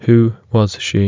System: none